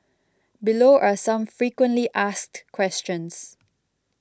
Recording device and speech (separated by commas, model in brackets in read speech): close-talking microphone (WH20), read sentence